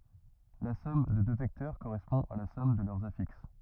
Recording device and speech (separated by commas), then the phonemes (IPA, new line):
rigid in-ear microphone, read sentence
la sɔm də dø vɛktœʁ koʁɛspɔ̃ a la sɔm də lœʁz afiks